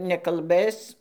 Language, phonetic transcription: Lithuanian, nekalˈbɘs

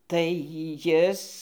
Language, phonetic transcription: Lithuanian, tai ˈjis

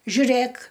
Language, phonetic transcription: Lithuanian, žiuˈrėk

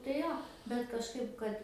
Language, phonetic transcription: Lithuanian, tai ˈjo bet kažˈkaip ˈkad

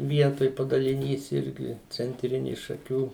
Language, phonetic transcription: Lithuanian, ˈvietoj padaliˈnys ˈirgi cenˈtrini šaˈkių

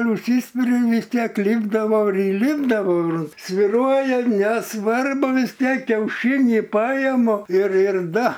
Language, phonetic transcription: Lithuanian, užˈsyspiriu ir vis ˈtiek ˈlypdavau ir įˈlipdavau ir svyˈruoja neˈsvarbu vis ˈtiek kiauˈšynį ˈpajemu ir ir ˈda

